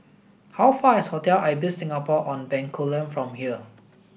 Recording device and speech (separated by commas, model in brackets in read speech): boundary microphone (BM630), read sentence